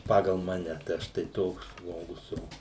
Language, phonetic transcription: Lithuanian, ˈpagal ˈmane tai ˈaš tai ˈtoks ˈžmogus ˈo

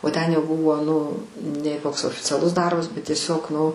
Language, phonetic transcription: Lithuanian, o ˈten jau ˈbuvo ˈnu nei ˈkoks oficiaˈlus ˈdarbas bet tieˈsiog ˈnu

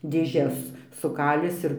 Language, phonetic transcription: Lithuanian, dėˈžes suˈkalis ir

